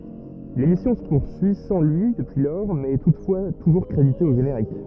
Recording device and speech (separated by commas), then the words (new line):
rigid in-ear microphone, read sentence
L'émission se poursuit sans lui depuis lors mais est toutefois toujours crédité au générique.